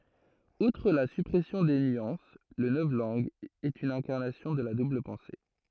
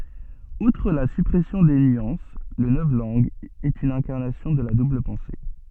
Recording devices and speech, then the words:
throat microphone, soft in-ear microphone, read sentence
Outre la suppression des nuances, le novlangue est une incarnation de la double-pensée.

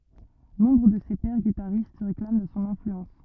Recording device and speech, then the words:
rigid in-ear microphone, read sentence
Nombre de ses pairs guitaristes se réclament de son influence.

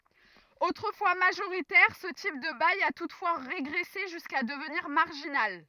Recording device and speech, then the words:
rigid in-ear microphone, read sentence
Autrefois majoritaire, ce type de bail a toutefois régressé jusqu'à devenir marginal.

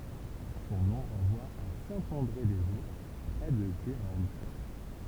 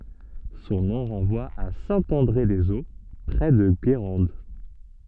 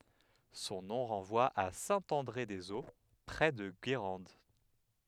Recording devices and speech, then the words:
temple vibration pickup, soft in-ear microphone, headset microphone, read sentence
Son nom renvoie à Saint-André-des-Eaux, près de Guérande.

